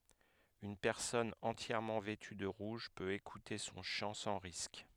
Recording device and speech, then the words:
headset microphone, read sentence
Une personne entièrement vêtue de rouge peut écouter son chant sans risque.

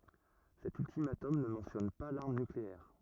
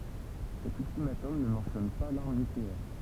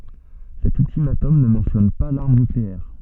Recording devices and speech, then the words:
rigid in-ear microphone, temple vibration pickup, soft in-ear microphone, read sentence
Cet ultimatum ne mentionne pas l'arme nucléaire.

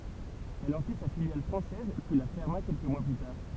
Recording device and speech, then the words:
temple vibration pickup, read sentence
Elle en fit sa filiale française, puis la ferma quelques mois plus tard.

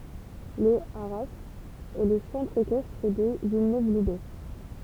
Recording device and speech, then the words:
temple vibration pickup, read sentence
Le haras est le centre équestre de Villeneuve-Loubet.

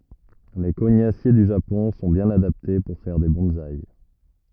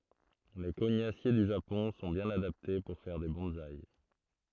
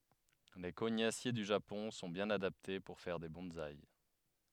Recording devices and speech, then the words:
rigid in-ear microphone, throat microphone, headset microphone, read sentence
Les cognassiers du Japon sont bien adaptés pour faire des bonsaï.

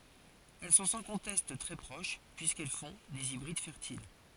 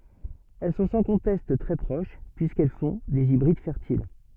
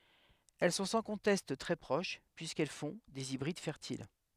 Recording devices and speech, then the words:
forehead accelerometer, soft in-ear microphone, headset microphone, read sentence
Elles sont sans conteste très proches, puisqu'elles font des hybrides fertiles.

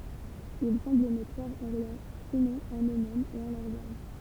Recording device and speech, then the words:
temple vibration pickup, read sentence
Ils semblent ne croire en rien, sinon en eux-mêmes et en leurs armes.

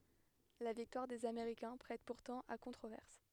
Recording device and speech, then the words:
headset microphone, read sentence
La victoire des Américains prête pourtant à controverses.

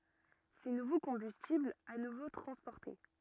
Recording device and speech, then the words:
rigid in-ear microphone, read sentence
Ces nouveaux combustibles à nouveau transportés.

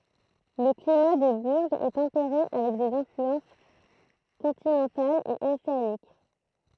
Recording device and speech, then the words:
throat microphone, read sentence
Le climat de Bourges est tempéré avec des influences continentales et océaniques.

